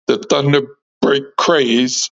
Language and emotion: English, fearful